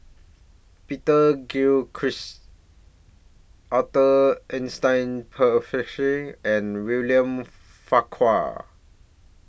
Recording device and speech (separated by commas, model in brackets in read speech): boundary microphone (BM630), read sentence